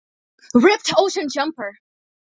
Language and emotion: English, surprised